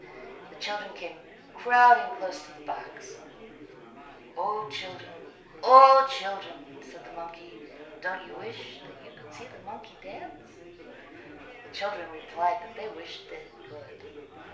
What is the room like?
A compact room (about 3.7 m by 2.7 m).